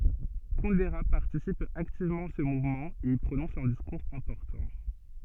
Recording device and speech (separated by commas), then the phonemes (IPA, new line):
soft in-ear microphone, read sentence
kundɛʁə paʁtisip aktivmɑ̃ a sə muvmɑ̃ e i pʁonɔ̃s œ̃ diskuʁz ɛ̃pɔʁtɑ̃